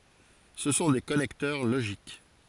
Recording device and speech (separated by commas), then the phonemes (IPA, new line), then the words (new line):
forehead accelerometer, read sentence
sə sɔ̃ de kɔnɛktœʁ loʒik
Ce sont des connecteurs logiques.